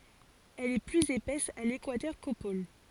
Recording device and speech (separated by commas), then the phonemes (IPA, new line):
forehead accelerometer, read sentence
ɛl ɛ plyz epɛs a lekwatœʁ ko pol